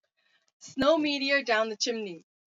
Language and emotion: English, disgusted